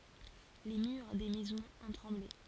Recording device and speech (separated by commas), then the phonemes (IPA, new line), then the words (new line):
forehead accelerometer, read sentence
le myʁ de mɛzɔ̃z ɔ̃ tʁɑ̃ble
Les murs des maisons ont tremblé.